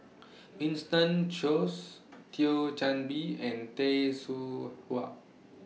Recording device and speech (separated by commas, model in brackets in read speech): mobile phone (iPhone 6), read sentence